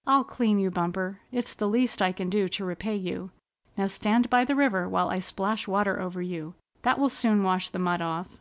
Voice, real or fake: real